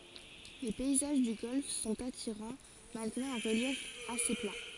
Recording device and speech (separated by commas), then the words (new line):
forehead accelerometer, read sentence
Les paysages du golfe sont attirants, malgré un relief assez plat.